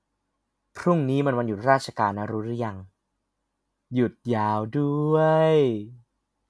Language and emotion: Thai, happy